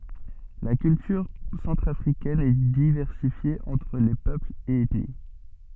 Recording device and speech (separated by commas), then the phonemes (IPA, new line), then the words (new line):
soft in-ear microphone, read sentence
la kyltyʁ sɑ̃tʁafʁikɛn ɛ divɛʁsifje ɑ̃tʁ le pøplz e ɛtni
La culture centrafricaine est diversifiée entre les peuples et ethnies.